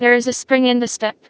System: TTS, vocoder